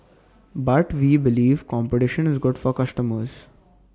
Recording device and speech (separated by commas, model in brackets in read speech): standing microphone (AKG C214), read sentence